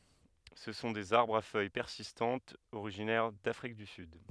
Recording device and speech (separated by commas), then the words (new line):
headset microphone, read sentence
Ce sont des arbres à feuilles persistantes originaires d'Afrique du Sud.